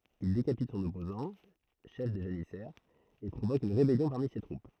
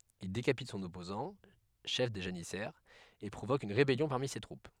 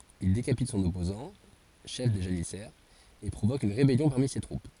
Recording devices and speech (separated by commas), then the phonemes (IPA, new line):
throat microphone, headset microphone, forehead accelerometer, read sentence
il dekapit sɔ̃n ɔpozɑ̃ ʃɛf de ʒanisɛʁz e pʁovok yn ʁebɛljɔ̃ paʁmi se tʁup